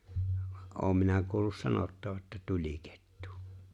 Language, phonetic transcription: Finnish, (va) '’oom minä 'kuullus "sanottava ’että 'tuĺ̀ikettu .
- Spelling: vaan olen minä kuullut sanottavan että tulikettu

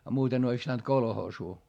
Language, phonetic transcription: Finnish, a muuten ‿ois pⁱtänt kolhoosuu .
- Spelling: ja muuten olisi pitänyt kolhoosiin

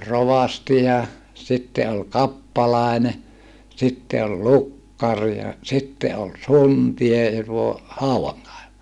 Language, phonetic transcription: Finnish, se oĺ rovasti ja , sitte ol kappalàene , sitte ol lukkar ja , sitte ol suntie ja tuo , hauwaŋkaeva(ja) .
- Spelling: se oli rovasti ja sitten oli kappalainen sitten oli lukkari ja sitten oli suntio ja tuo haudankaivaja

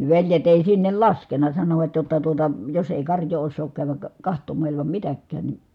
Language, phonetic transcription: Finnish, ni veljet ‿èi sinnel laskena , sanovat jotta tuota , » jos èi karjoo ossook kääväk , kahtom̆mà ilimam mitäkkään ni » ,.
- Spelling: niin veljet ei sinne laskenut sanoivat jotta tuota jos ei karjaa osaa käydä katsomaan ilman mitäkään niin

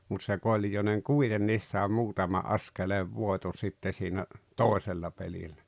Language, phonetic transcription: Finnish, mut se 'Koĺjoneŋ "kuitenniis sàe 'muutama "askeleev 'vòeto sitte siinä , "tòesella pelillä .
- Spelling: mutta se Koljonen kuitenkin sai muutaman askeleen voiton sitten siinä toisella pelillä

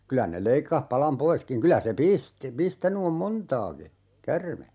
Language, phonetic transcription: Finnish, 'kylä ne 'leikkah 'palam "poiskiŋ 'kylä se "pisti , 'pistäny om "montaaki , "kärme .
- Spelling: kyllä ne leikkasi palan poiskin kyllä se pisti pistänyt on montaakin käärme

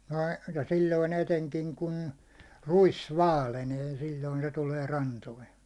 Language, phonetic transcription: Finnish, nəi , ja 'sill̜oin ‿eteŋkiŋ kun , 'ruis "vaalenee 'sil̜l̜oin se tulee 'rantoin̬ .
- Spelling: noin ja silloin etenkin kun ruis vaalenee silloin se tulee rantoihin

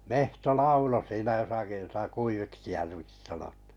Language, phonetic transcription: Finnish, 'mehto "laulo siinä 'josaki jota 'Kuiviks Järviks sanot- .
- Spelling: metso lauloi siinä jossakin jota Kuiviksi Järviksi -

